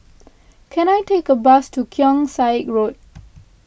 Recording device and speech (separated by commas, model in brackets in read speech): boundary microphone (BM630), read sentence